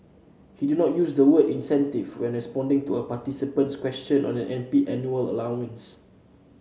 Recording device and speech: mobile phone (Samsung C7), read sentence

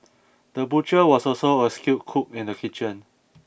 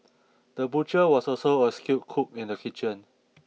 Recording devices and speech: boundary microphone (BM630), mobile phone (iPhone 6), read sentence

